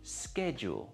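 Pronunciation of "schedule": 'Schedule' is said with the American English pronunciation, not the British one.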